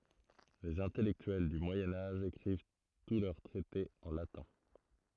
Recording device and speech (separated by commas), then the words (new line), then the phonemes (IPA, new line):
throat microphone, read sentence
Les intellectuels du Moyen Âge écrivent tous leurs traités en latin.
lez ɛ̃tɛlɛktyɛl dy mwajɛ̃ aʒ ekʁiv tu lœʁ tʁɛtez ɑ̃ latɛ̃